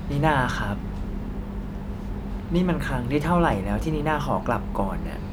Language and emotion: Thai, frustrated